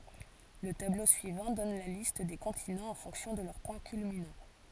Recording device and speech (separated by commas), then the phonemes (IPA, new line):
forehead accelerometer, read sentence
lə tablo syivɑ̃ dɔn la list de kɔ̃tinɑ̃z ɑ̃ fɔ̃ksjɔ̃ də lœʁ pwɛ̃ kylminɑ̃